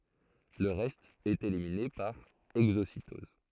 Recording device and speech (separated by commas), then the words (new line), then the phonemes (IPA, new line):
throat microphone, read sentence
Le reste est éliminé par exocytose.
lə ʁɛst ɛt elimine paʁ ɛɡzositɔz